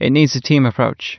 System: none